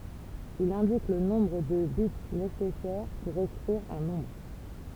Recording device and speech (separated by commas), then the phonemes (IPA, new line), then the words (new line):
temple vibration pickup, read sentence
il ɛ̃dik lə nɔ̃bʁ də bit nesɛsɛʁ puʁ ekʁiʁ œ̃ nɔ̃bʁ
Il indique le nombre de bits nécessaires pour écrire un nombre.